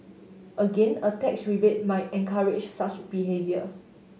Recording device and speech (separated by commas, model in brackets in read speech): mobile phone (Samsung S8), read sentence